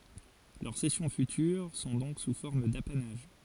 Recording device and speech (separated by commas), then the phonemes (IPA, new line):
forehead accelerometer, read sentence
lœʁ sɛsjɔ̃ fytyʁ sɔ̃ dɔ̃k su fɔʁm dapanaʒ